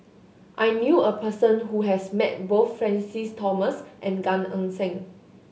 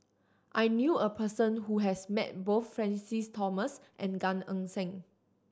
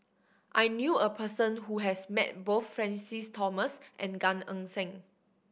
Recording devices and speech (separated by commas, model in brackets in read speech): mobile phone (Samsung S8), standing microphone (AKG C214), boundary microphone (BM630), read sentence